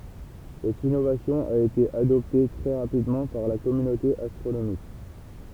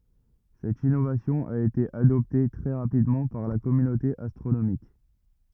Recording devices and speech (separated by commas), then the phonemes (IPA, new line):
temple vibration pickup, rigid in-ear microphone, read sentence
sɛt inovasjɔ̃ a ete adɔpte tʁɛ ʁapidmɑ̃ paʁ la kɔmynote astʁonomik